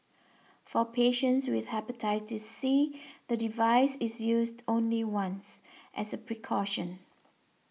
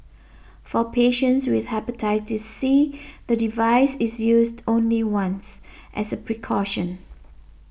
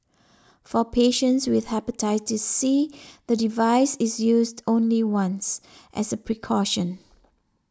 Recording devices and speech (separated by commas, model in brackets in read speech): mobile phone (iPhone 6), boundary microphone (BM630), standing microphone (AKG C214), read sentence